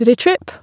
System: none